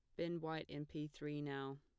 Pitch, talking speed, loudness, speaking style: 150 Hz, 230 wpm, -46 LUFS, plain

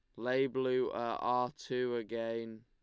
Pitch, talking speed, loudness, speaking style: 125 Hz, 150 wpm, -35 LUFS, Lombard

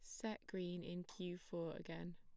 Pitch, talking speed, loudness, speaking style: 175 Hz, 185 wpm, -48 LUFS, plain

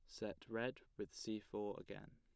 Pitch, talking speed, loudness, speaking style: 110 Hz, 185 wpm, -48 LUFS, plain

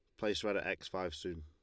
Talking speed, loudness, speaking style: 295 wpm, -39 LUFS, Lombard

